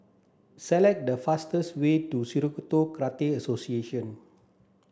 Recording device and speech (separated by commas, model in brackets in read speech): standing microphone (AKG C214), read sentence